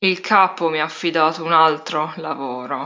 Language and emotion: Italian, disgusted